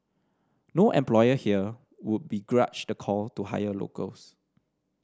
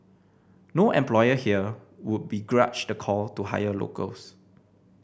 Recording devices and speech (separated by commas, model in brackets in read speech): standing microphone (AKG C214), boundary microphone (BM630), read sentence